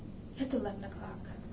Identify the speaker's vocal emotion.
neutral